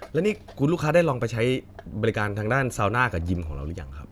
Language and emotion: Thai, neutral